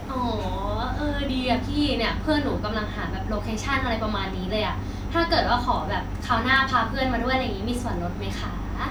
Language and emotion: Thai, happy